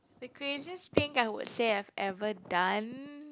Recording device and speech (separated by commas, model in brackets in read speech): close-talking microphone, conversation in the same room